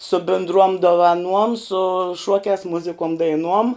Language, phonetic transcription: Lithuanian, su bindˈruom dovaˈnuom su ˈšuokiās ˈmuzikuom daiˈnuom

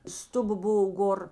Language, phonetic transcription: Lithuanian, ˈstuˌba ˈbovo ˈgor

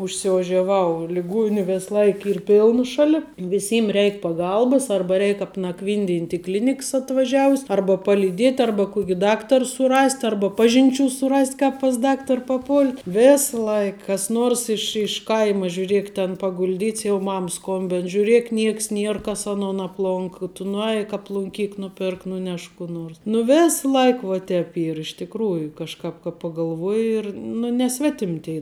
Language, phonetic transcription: Lithuanian, užsiožiaˈvau liˈguoniu ˈves ˈlaik ˈyr ˈpiln ˈšali viˈsym ˈreik paˈgalbas ˈarba ˈreik apnakˈvynˌdint' i ˈkliniks atvaˈžiavus' ˈarba palyˈdiet' ˈarba ˈkuoki ˈdaktar suˈrast ˈarba ˈpažinˌčių suˈrast ˈkap pas ˈdaktar paˈpult ˈvės ˈlaik kas ˈnuors ˈiš iš ˈkaima žiūˈriek ten pagulˈdyts jau ˈmam ˈskombin žiūˈriek ˈnieks ˈnier ˈkas aˈnon apˈlonka tu nuˈeik aplunˈkyk nuˈpirk nuˈnešk kų ˈnors nu ˈvės ˈlaik vuo ˈtēp ˈyr iš tikˈrųju kažˈkāp ka pagalˈvuoji ir nu ne ˈsvetim' tei

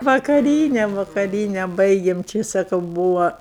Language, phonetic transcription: Lithuanian, vakaˈryne vakaˈryne ˈbaigėm ˈči saˈkau ˈbūva

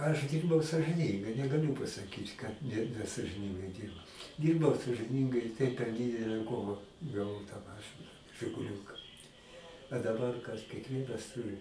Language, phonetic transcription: Lithuanian, aš ˈdyrbau sažɨˈnyngai negaˈliu pasaˈkyt kad ne nesažiˈningai ˈdyrbau ˈdyrbau sažɨˈnyngai i tai per ˈdidele ˈkova gaˈvau tą ˈmašɨna žiguˈliūka a daˈbar kas kiekˈvienas ˈturi

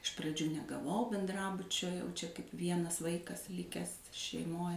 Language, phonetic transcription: Lithuanian, iš praˈdžių negaˈvau benˈdrabučio jau čia kaip ˈvienas ˈvaikas ˈlikęs šeiˈmoj

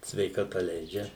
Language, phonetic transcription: Lithuanian, sveikaˈta ˈleidžia

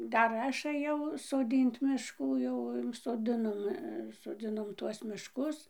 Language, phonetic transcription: Lithuanian, ˈdar ˈaš ɘˈjau soˈdynt mišˈkų jau soˈdinom soˈdzinom ˈtuos mišˈkus

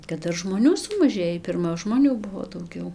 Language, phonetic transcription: Lithuanian, kad ˈdar žmoˈnių sumaˈžėjį pirˈma žmoˈnių ˈbuvo dauˈgiau

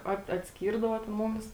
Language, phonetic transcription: Lithuanian, ˈat atˈskyrdavo ten ˈmumis

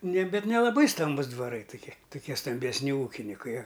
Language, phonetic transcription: Lithuanian, ne ˈbet nelaˈbai ˈstambus dvaˈrai tuˈki tuˈkie stambesˈni ˈūkinikai a

